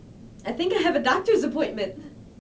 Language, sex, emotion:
English, female, happy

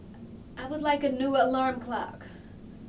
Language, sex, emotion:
English, female, neutral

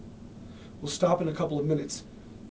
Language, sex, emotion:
English, male, neutral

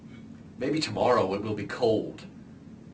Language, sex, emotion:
English, male, neutral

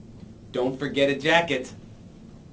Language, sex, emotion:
English, male, neutral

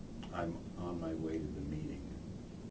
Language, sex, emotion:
English, male, neutral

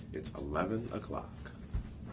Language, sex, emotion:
English, male, neutral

